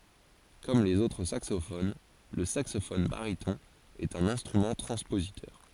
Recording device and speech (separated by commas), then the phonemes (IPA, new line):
forehead accelerometer, read sentence
kɔm lez otʁ saksofon lə saksofɔn baʁitɔ̃ ɛt œ̃n ɛ̃stʁymɑ̃ tʁɑ̃spozitœʁ